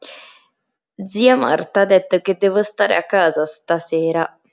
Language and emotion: Italian, disgusted